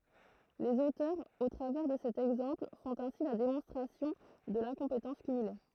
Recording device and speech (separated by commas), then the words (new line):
throat microphone, read sentence
Les auteurs, au travers de cet exemple, font ainsi la démonstration de l'incompétence cumulée.